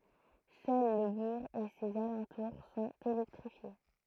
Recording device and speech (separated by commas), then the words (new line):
throat microphone, read sentence
Seul le bourg et ses alentours sont électrifiés.